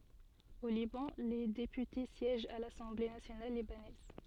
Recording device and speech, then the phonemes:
soft in-ear microphone, read sentence
o libɑ̃ le depyte sjɛʒt a lasɑ̃ble nasjonal libanɛz

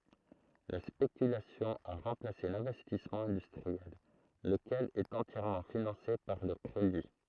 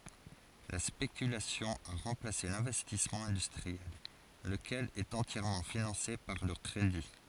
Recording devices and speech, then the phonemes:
throat microphone, forehead accelerometer, read sentence
la spekylasjɔ̃ a ʁɑ̃plase lɛ̃vɛstismɑ̃ ɛ̃dystʁiɛl ləkɛl ɛt ɑ̃tjɛʁmɑ̃ finɑ̃se paʁ lə kʁedi

